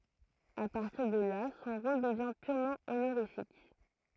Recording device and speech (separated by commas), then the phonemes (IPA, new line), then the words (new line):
throat microphone, read sentence
a paʁtiʁ də la sɔ̃ ʁol dəvjɛ̃ pyʁmɑ̃ onoʁifik
À partir de là, son rôle devient purement honorifique.